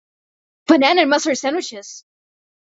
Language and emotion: English, surprised